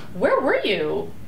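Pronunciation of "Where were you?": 'Where were you?' is said with a rising intonation.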